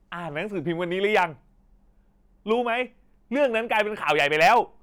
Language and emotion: Thai, angry